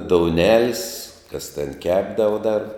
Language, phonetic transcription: Lithuanian, douˈnelis kas ten ˈkepdava dar

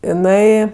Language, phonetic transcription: Lithuanian, iˈnai

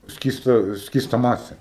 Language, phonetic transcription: Lithuanian, ˈskysta ˈskysta ˈmasė

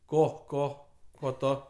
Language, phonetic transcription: Lithuanian, ˈko ˈko ˈko ˈto

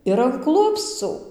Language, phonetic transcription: Lithuanian, ir an ˈklupscų

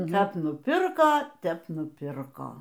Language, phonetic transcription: Lithuanian, ˈkap nuˈpirko ˈtep nuˈpirko

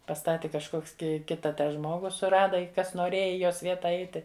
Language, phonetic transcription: Lithuanian, paˈstati kažˈkoks ki ˈkita ˈtą ˈžmogu suˈrada i ˈkas noˈrėja i ˈjos ˈvieta ˈaiti

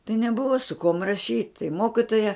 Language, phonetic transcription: Lithuanian, tai neˈbuvo su kuom raˈšyt tai ˈmokitoja

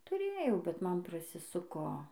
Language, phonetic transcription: Lithuanian, tuˈrėjau bet ˈman prasiˈsuko

